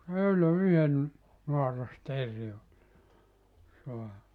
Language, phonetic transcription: Finnish, se 'öylö 'yhen , 'noaras"terri oĺ , 'soa[nut] .
- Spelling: se eilen yhden naarasteeren oli saanut

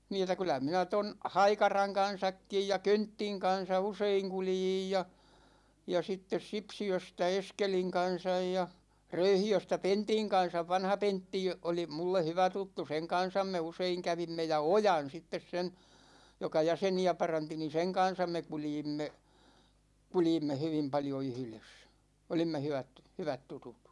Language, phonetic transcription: Finnish, 'nii et̆tä 'kyl̆lä minä 'ton , "Haikaraŋ 'kan̬sakkij ja "Könttiŋ 'kan̬sa 'useiŋ 'kuljij ja , ja 'sittes 'Sipsi₍östä "Eskeliŋ 'kan̬saj ja , 'Röyhi₍östä "Pentiŋ 'kan̬sav "vanha 'Pentti 'oli 'mulle 'hyvä tuttu , 'seŋ 'kan̬sam me 'useiŋ 'kävimme ja "Ojan 'sittes sen̬ , 'joka "jäseni₍ä 'paranti ni "seŋ 'kan̬sam me 'kuljimme , 'kuljimme 'hyvim paljo 'yhʸ"les , 'olimme 'hyvät , 'hyvät 'tutut .
- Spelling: niin että kyllä minä tuon Haikaran kanssakin ja Köntin kanssa usein kuljin ja ja sitten Sipsiöstä Eskelin kanssa ja Röyhiöstä Pentin kanssa vanha Pentti oli minulle hyvä tuttu sen kanssa me usein kävimme ja Ojan sitten sen joka jäseniä paransi niin sen kanssa me kuljimme kuljimme hyvin paljon yhdessä olimme hyvät hyvät tutut

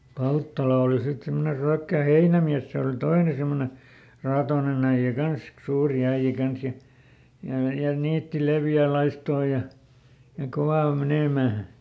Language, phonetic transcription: Finnish, ˈPalttala oli sit ˈsimmone ˈRyäkkä̀ "heinämiäs ˈse ol "toine semmone , ˈraatoonen ‿äiʲä ˈkansk- , ˈsuuri ˈäiʲä ˈkans ja , ja ja "niitti ˈlevjä̀ ˈlaistoo ja , ja ˈkovà ol ˈmenèmä̀ .
- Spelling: Palttala oli sitten semmoinen Ryökkä heinämies se oli toinen semmoinen raatoinen äijä - suuri äijä kanssa ja ja ja niitti leveää laistoa ja ja kova oli menemään

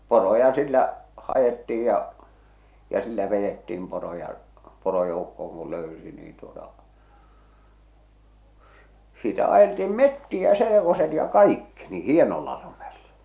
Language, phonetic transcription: Finnish, 'poroja sillä , 'hajetti₍ij ja , ja 'sillä 'vejettiim poroja , 'porojoukkooŋ ku "löysi niin tuota , s- sitä ajeltiim "mettiä "selekoset ja "kaikki , ni "hienolla lumellᴀ .
- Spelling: poroja sillä haettiin ja ja sillä vedettiin poroja porojoukkoon kun löysi niin tuota - sitä ajeltiin metsiä selkoset ja kaikki niin hienolla lumella

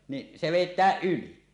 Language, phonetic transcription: Finnish, niˀ , 'se "vèit̆tääˀ "ˀyli .
- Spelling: niin se vedetään yli

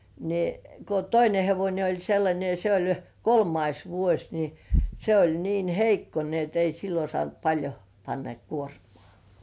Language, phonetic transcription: Finnish, ni , ko "toine 'hevońe oĺ sellańe ja se oĺ , "kolmais 'vuoś ni , se oĺ 'niin "heikko ni ‿et 'ei sillo "sŏànt paĺjo , panna 'kuormŏà .
- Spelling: niin kun toinen hevonen oli sellainen ja se oli kolmas vuosi niin se oli niin heikko niin että ei silloin saanut paljon panna kuormaa

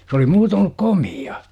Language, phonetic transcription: Finnish, s ‿oli 'muutoon ‿ol(lu)k "komi₍a .
- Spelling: se oli muuten ollut komea

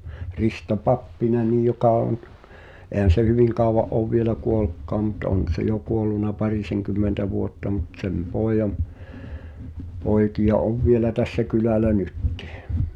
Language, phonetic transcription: Finnish, 'Risto "Pappinenij̆ joka on , 'èhän̬ se "hyviŋ kàova’ '’òv vielä "kuolᵘkkaam mut 'on̬ se jo 'kuolluna "pariseŋkymmentä vuotta mut 'sem "pòejam , 'pòekiʲa "ov vielä tässä "kylä̀lä 'nyttɪh .
- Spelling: Risto Pappinen joka on eihän se hyvin kauan ole vielä kuollutkaan mutta on se jo kuollut parisenkymmentä vuotta mutta sen pojan poikia on vielä tässä kylällä nytkin

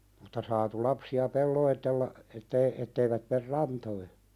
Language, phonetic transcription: Finnish, mutta 'saatu lapsi₍a "pelloitella , ettei , etteivät mer "rantoi .
- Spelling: mutta saatu lapsia pelotella että ei että eivät mene rantoihin

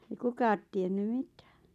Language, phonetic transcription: Finnish, ei "kukaat tienny "mitää .
- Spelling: ei kukaan tiennyt mitään

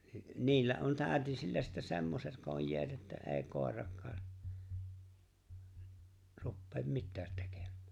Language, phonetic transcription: Finnish, 'niillä on 'tä̀ötisillä sittä 'semmoset 'kojjeet että ’e̬e̬ⁱ 'kòer̀akkaa , 'ruppeem "mittäät 'tekem̆(mᴀ̈ᴀ̈) .
- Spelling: niillä on täytisillä sitten semmoiset kojeet että ei koiratkaan rupea mitään tekemään

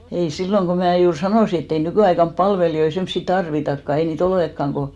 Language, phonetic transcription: Finnish, ei 'silloŋ ko 'mää juur 'sanòsi ett ‿ei 'nykỳaikamp "palvelijoi semssi 'tarvitakka , ei nii"t ‿olekkaŋ ko ,.
- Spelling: ei silloin kun minä juuri sanoin että ei nykyaikana palvelijoita semmoisia tarvitakaan ei niitä olekaan kun

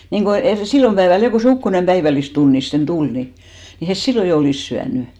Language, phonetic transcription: Finnish, niŋɢo 'erì , 'sillom päeväl 'jo ko se "ukkonem 'päivällistunnisten 'tul ni , ni 'hes "sillo jo 'olìs 'syänʏ .
- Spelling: niin kuin eri silloin päivällä jo kun se ukkonen päivällistunnisten tuli niin niin he silloin jo olisi syönyt

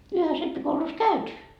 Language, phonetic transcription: Finnish, 'yhes rippikoulus "käyty .
- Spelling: yhdessä rippikoulussa käyty

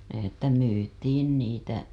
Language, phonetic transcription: Finnish, että 'myytiin niitä .
- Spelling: että myytiin niitä

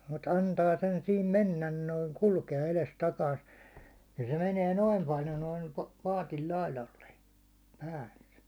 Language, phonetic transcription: Finnish, mut 'an ta 'sen 'sim "mennän noit] 'kulke₍a eles'takaist , nin se meniɛ 'noim paljo noim 'paatil 'lailalle , palle .
- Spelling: mutta antaa sen siinä mennä noin kulkea edestakaista niin se menee noin paljon noin paatin laidalle päälle

